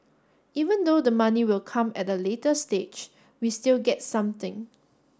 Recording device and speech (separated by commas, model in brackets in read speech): standing microphone (AKG C214), read sentence